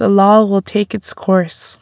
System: none